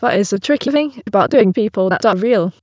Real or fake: fake